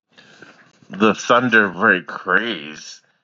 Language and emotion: English, disgusted